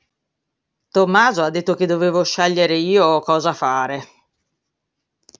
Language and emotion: Italian, disgusted